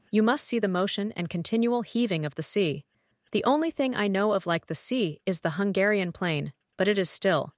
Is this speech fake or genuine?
fake